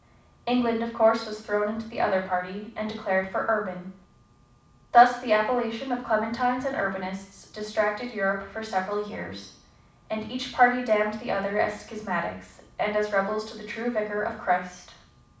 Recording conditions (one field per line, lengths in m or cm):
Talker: one person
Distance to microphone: 5.8 m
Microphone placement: far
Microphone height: 1.8 m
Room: medium-sized (5.7 m by 4.0 m)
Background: none